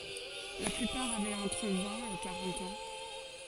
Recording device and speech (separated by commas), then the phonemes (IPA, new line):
forehead accelerometer, read sentence
la plypaʁ avɛt ɑ̃tʁ vɛ̃t e kaʁɑ̃t ɑ̃